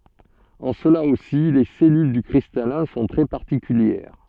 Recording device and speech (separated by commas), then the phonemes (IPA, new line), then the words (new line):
soft in-ear microphone, read sentence
ɑ̃ səla osi le sɛlyl dy kʁistalɛ̃ sɔ̃ tʁɛ paʁtikyljɛʁ
En cela aussi, les cellules du cristallin sont très particulières.